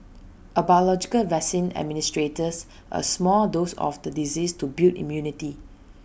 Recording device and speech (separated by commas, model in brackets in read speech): boundary microphone (BM630), read sentence